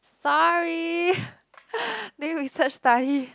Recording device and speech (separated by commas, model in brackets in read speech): close-talking microphone, conversation in the same room